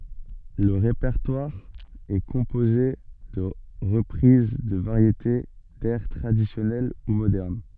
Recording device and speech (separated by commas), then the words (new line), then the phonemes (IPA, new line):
soft in-ear microphone, read sentence
Le répertoire est composé de reprises de variétés, d'airs traditionnels ou modernes.
lə ʁepɛʁtwaʁ ɛ kɔ̃poze də ʁəpʁiz də vaʁjete dɛʁ tʁadisjɔnɛl u modɛʁn